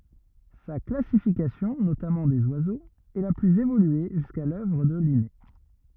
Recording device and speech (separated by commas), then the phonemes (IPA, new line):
rigid in-ear microphone, read sentence
sa klasifikasjɔ̃ notamɑ̃ dez wazoz ɛ la plyz evolye ʒyska lœvʁ də line